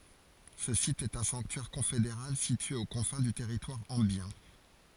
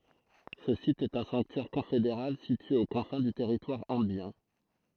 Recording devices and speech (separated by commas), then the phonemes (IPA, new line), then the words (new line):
forehead accelerometer, throat microphone, read sentence
sə sit ɛt œ̃ sɑ̃ktyɛʁ kɔ̃fedeʁal sitye o kɔ̃fɛ̃ dy tɛʁitwaʁ ɑ̃bjɛ̃
Ce site est un sanctuaire confédéral situé aux confins du territoire ambiens.